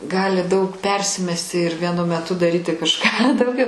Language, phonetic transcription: Lithuanian, ˈgali daug ˈpersimesti ir vieˈnu meˈtu daˈryti kažˈką dauˈgiau

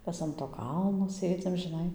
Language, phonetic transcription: Lithuanian, ˈmes an to ˈkalno ˈsėdzim žiˈnai

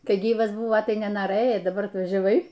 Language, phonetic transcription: Lithuanian, ˈkai ˈgyvas ˈbuvo tai nenoˈrɘjai daˈbar atvažiaˈvai

